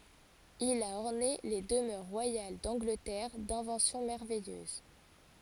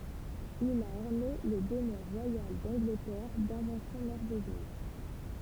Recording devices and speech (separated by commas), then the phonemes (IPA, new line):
forehead accelerometer, temple vibration pickup, read sentence
il a ɔʁne le dəmœʁ ʁwajal dɑ̃ɡlətɛʁ dɛ̃vɑ̃sjɔ̃ mɛʁvɛjøz